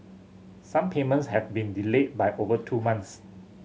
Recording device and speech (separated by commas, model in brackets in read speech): mobile phone (Samsung C7100), read sentence